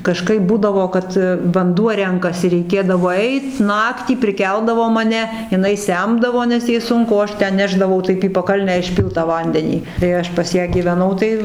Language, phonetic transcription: Lithuanian, kaˈžkaip ˈbūdavo ˈkad vanˈduo ˈrenkasi reiˈkėdavo ˈeit ˈnaktį priˈkeldavo maˈne jiˈnai ˈsemdavo nes ˈjai ˈsunku o ˈaš ˈten ˈnešdavau ˈtaip į paˈkalnę išˈpylt tą ˈvandenį tai ˈaš pas ˈją gyveˈnau tai

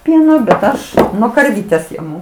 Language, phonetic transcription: Lithuanian, ˈpieno bet ˈaš nuo karˈvytes jaˈmu

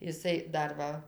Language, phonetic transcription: Lithuanian, iˈsai ˈdar ˈva

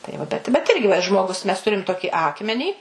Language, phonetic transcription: Lithuanian, tai ˈva bet bet ˈirgi va i žmoˈgus mes ˈturim ˈtoki ˈakmenį

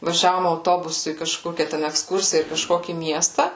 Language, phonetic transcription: Lithuanian, vaˈžiavom auˈtobusu į kaˈžkokią ten ekˈskursiją ir kaˈžkokį ˈmiestą

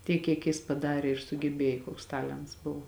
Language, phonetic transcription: Lithuanian, ˈtiek kiek ˈjis paˈdarė ir sugeˈbėjo ˈkoks ˈtalents ˈbuvo

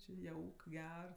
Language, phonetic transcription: Lithuanian, či ˈjauk ˈger

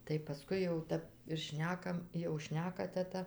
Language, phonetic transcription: Lithuanian, tai paˈskui jau ˈtæp ir ˈšnekam jau ˈšneka teˈta

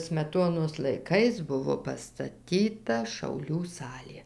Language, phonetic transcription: Lithuanian, smeˈtonos laiˈkais ˈbuvo pastaˈtyta šauˈlių ˈsalė

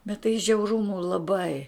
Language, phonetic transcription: Lithuanian, bet tai žiauˈrumu laˈbai

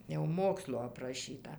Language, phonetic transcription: Lithuanian, jau ˈmokslo apraˈšyta

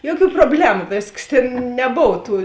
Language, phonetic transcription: Lithuanian, ˈjoˌkių proˈblemu ˈvėsˌkas ˈtėn neˈbov ˈtų

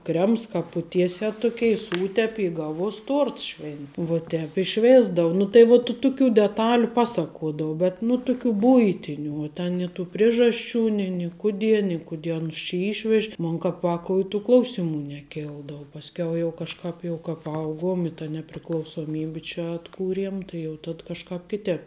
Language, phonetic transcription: Lithuanian, ˈkrems ˈkāp puˈtiesiā ˈtukei i ˈsūtepi i ˈgaˌvuos ˈtuorts švėn vuo ˈtēp i ˈšvėsdau ˈnu tai vu tu tuˈkių deˈtaliu ˈpaˌsakuodavu bet nu ˈtuˌkių ˈbuitiniu uo ˈten ni tų ˈprižasˌčių ni ni ˈkudie ni kuˈdie ˈanus či ˈyšvež' ˈmon kāp ˈvākou i tų ˈklausimu neˈkildou pasˈkiau jau kažˈkāp ˈjau ka paˈauguom i ta nepriklausoˈmybi ˈčia atˈkūriem ˈtai jau tad ˈkažˌkāp ˈkitēp

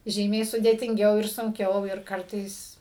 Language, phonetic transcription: Lithuanian, ˈžymiai sudėtinˈgiau ir sunˈkiau ir ˈkartais

